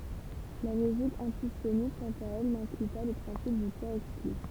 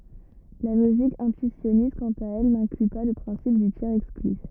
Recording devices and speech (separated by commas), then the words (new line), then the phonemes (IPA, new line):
temple vibration pickup, rigid in-ear microphone, read sentence
La logique intuitionniste, quant à elle, n'inclut pas le principe du tiers-exclu.
la loʒik ɛ̃tyisjɔnist kɑ̃t a ɛl nɛ̃kly pa lə pʁɛ̃sip dy tjɛʁz ɛkskly